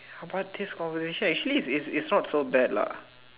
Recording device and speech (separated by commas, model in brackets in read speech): telephone, conversation in separate rooms